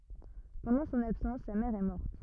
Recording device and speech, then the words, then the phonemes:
rigid in-ear microphone, read sentence
Pendant son absence sa mère est morte.
pɑ̃dɑ̃ sɔ̃n absɑ̃s sa mɛʁ ɛ mɔʁt

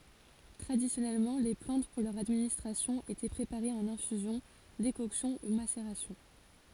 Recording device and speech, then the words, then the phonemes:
forehead accelerometer, read sentence
Traditionnellement, les plantes pour leur administration étaient préparées en infusion, décoction ou macération.
tʁadisjɔnɛlmɑ̃ le plɑ̃t puʁ lœʁ administʁasjɔ̃ etɛ pʁepaʁez ɑ̃n ɛ̃fyzjɔ̃ dekɔksjɔ̃ u maseʁasjɔ̃

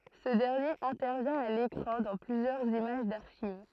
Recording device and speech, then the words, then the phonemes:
throat microphone, read sentence
Ce dernier intervient à l'écran dans plusieurs images d'archives.
sə dɛʁnjeʁ ɛ̃tɛʁvjɛ̃ a lekʁɑ̃ dɑ̃ plyzjœʁz imaʒ daʁʃiv

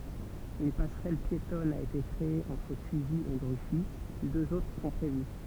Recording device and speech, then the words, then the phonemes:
temple vibration pickup, read sentence
Une passerelle piétonne a été créée entre Cusy et Gruffy; deux autres sont prévues.
yn pasʁɛl pjetɔn a ete kʁee ɑ̃tʁ kyzi e ɡʁyfi døz otʁ sɔ̃ pʁevy

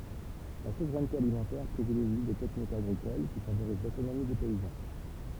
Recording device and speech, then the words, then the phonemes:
temple vibration pickup, read sentence
La souveraineté alimentaire privilégie des techniques agricoles qui favorisent l'autonomie des paysans.
la suvʁɛnte alimɑ̃tɛʁ pʁivileʒi de tɛknikz aɡʁikol ki favoʁiz lotonomi de pɛizɑ̃

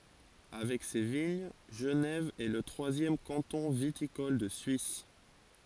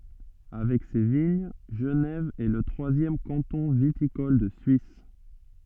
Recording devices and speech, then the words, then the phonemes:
forehead accelerometer, soft in-ear microphone, read sentence
Avec ses de vignes, Genève est le troisième canton viticole de Suisse.
avɛk se də viɲ ʒənɛv ɛ lə tʁwazjɛm kɑ̃tɔ̃ vitikɔl də syis

